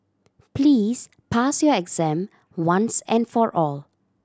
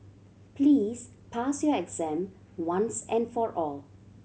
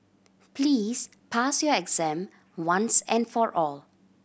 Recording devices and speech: standing microphone (AKG C214), mobile phone (Samsung C7100), boundary microphone (BM630), read sentence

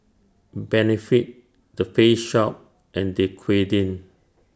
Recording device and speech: standing microphone (AKG C214), read sentence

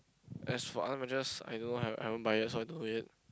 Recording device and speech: close-talking microphone, conversation in the same room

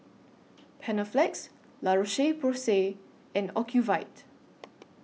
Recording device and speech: mobile phone (iPhone 6), read sentence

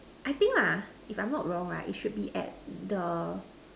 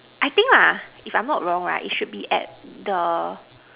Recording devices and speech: standing microphone, telephone, conversation in separate rooms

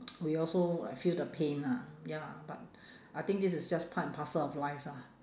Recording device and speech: standing microphone, conversation in separate rooms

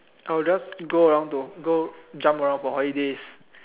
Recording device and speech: telephone, conversation in separate rooms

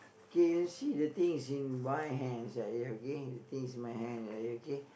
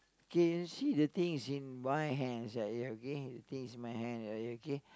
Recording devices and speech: boundary microphone, close-talking microphone, conversation in the same room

